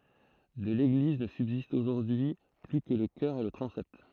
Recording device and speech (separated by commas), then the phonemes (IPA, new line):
throat microphone, read sentence
də leɡliz nə sybzistt oʒuʁdyi y ply kə lə kœʁ e lə tʁɑ̃sɛt